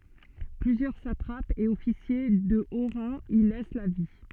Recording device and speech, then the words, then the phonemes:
soft in-ear microphone, read sentence
Plusieurs satrapes et officiers de haut rang y laissent la vie.
plyzjœʁ satʁapz e ɔfisje də o ʁɑ̃ i lɛs la vi

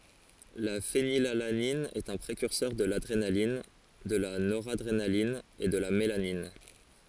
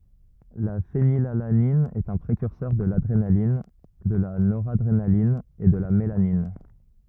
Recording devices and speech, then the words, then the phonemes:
forehead accelerometer, rigid in-ear microphone, read sentence
La phénylalanine est un précurseur de l'adrénaline, de la noradrénaline et de la mélanine.
la fenilalanin ɛt œ̃ pʁekyʁsœʁ də ladʁenalin də la noʁadʁenalin e də la melanin

